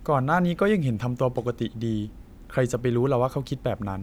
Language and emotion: Thai, neutral